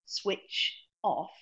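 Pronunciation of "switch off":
'Switch' and 'off' are said as two separate words, and no link is heard between them.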